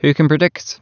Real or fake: real